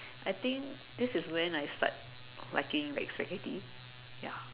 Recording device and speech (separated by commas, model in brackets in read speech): telephone, conversation in separate rooms